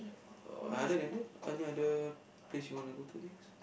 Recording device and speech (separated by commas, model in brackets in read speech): boundary microphone, conversation in the same room